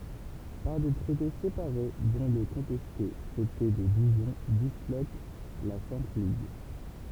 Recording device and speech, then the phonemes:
temple vibration pickup, read sentence
paʁ de tʁɛte sepaʁe dɔ̃ lə kɔ̃tɛste tʁɛte də diʒɔ̃ dislok la sɛ̃t liɡ

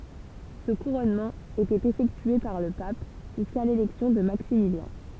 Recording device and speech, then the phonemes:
temple vibration pickup, read sentence
sə kuʁɔnmɑ̃ etɛt efɛktye paʁ lə pap ʒyska lelɛksjɔ̃ də maksimiljɛ̃

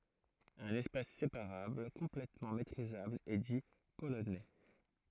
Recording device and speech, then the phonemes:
throat microphone, read sentence
œ̃n ɛspas sepaʁabl kɔ̃plɛtmɑ̃ metʁizabl ɛ di polonɛ

